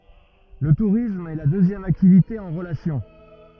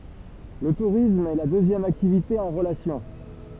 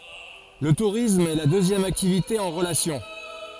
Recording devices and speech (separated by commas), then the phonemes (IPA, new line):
rigid in-ear microphone, temple vibration pickup, forehead accelerometer, read sentence
lə tuʁism ɛ la døzjɛm aktivite ɑ̃ ʁəlasjɔ̃